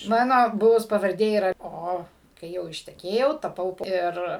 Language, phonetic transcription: Lithuanian, ˈmano ˈbuvus pavarˈdė yˈra ˈo kai ˈjau išteˈkėjau taˈpau ˈir

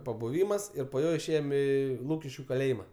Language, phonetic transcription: Lithuanian, pabuˈvymas ˈir po ˈjo išˈėjom ˈį ˈlūkiškiu kaˈlėjima

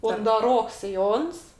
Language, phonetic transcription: Lithuanian, undaˈroks siˈjons

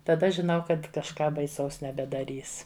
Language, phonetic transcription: Lithuanian, taˈda žiˈnau ˈkad kažˈką baiˈsaus nebedaˈrys

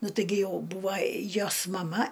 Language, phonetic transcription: Lithuanian, ˈnu ˈtɨgi ˈjau ˈbūva ˈjos maˈma

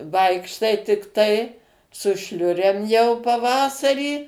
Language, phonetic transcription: Lithuanian, ˈvaikštai tikˈtai su ˈšliurėm jau paˈvasarį

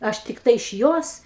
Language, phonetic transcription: Lithuanian, ˈaš tikˈtai iš ˈjos

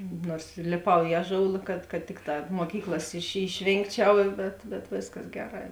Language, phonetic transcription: Lithuanian, ˈnuors lėˈpau i ˈaˌžoula kad kad ˈtikˌtā moˈkyklas iš išˈvėngˌčiau bet bet ˈvėsˌkas ˈgeˌrā

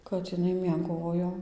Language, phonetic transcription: Lithuanian, kad iˈnai mieˈgojo

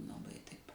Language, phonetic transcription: Lithuanian, laˈbai taip

